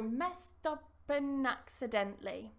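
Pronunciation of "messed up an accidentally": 'And' is said in its weak form, with a schwa and no d sound at the end. The final consonants move over to the start of the next words, so 'messed up an accidentally' runs together.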